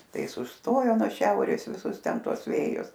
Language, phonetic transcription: Lithuanian, ˈtai ˈis užˈstojo nuo ˈšiaurės viˈsus ˈten ˈtuos ˈvėjus

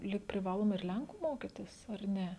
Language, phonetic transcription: Lithuanian, lyg priˈvaloma ir ˈlenku ˈmokitis ar ˈne

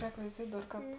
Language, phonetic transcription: Lithuanian, ˈrēk veiˈziet' ˈdar ˈkāp

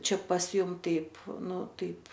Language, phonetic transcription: Lithuanian, ˈčia pas ˈjum ˈtaip ˈnu ˈtaip

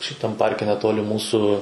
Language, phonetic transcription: Lithuanian, šiˈtam ˈparke neˈtoli ˈmūsu

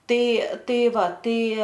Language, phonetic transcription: Lithuanian, ˈtai ˈtai ˈva ˈtai

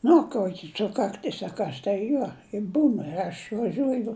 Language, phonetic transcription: Lithuanian, ˈnu ˈkuoki ˈsukakˈtis a ˈkas tai ˈjuo i ˈbūn ir aš vaˈžiuoju

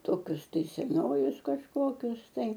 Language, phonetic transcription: Lithuanian, ˈtokius tai seˈnojus kažˈkokius tai

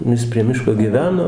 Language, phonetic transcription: Lithuanian, nu ˈjis prie ˈmiško gyˈveno

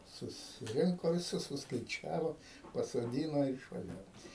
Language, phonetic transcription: Lithuanian, susiˈrinko viˈsus suskaiˈčiavo pasoˈdyno ir išvaˈžiavom

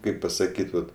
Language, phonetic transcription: Lithuanian, ˈkaip pasaˈkyt ˈvat

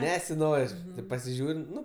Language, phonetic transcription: Lithuanian, ˈnesiˌnor' tėp pasiˈžiūr' ˈnu

